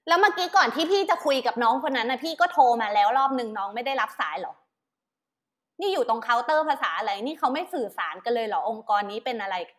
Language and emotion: Thai, angry